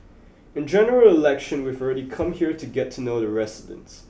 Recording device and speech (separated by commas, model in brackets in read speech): boundary microphone (BM630), read sentence